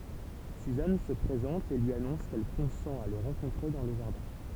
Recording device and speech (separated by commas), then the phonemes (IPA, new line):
temple vibration pickup, read sentence
syzan sə pʁezɑ̃t e lyi anɔ̃s kɛl kɔ̃sɑ̃t a lə ʁɑ̃kɔ̃tʁe dɑ̃ lə ʒaʁdɛ̃